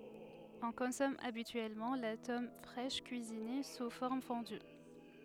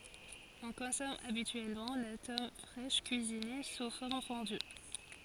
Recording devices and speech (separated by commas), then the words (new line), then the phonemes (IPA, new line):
headset microphone, forehead accelerometer, read sentence
On consomme habituellement la tome fraîche cuisinée sous forme fondue.
ɔ̃ kɔ̃sɔm abityɛlmɑ̃ la tɔm fʁɛʃ kyizine su fɔʁm fɔ̃dy